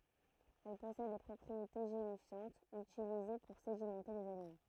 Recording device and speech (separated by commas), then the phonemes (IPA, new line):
throat microphone, read sentence
ɛl pɔsɛd de pʁɔpʁiete ʒelifjɑ̃tz ytilize puʁ sedimɑ̃te lez alimɑ̃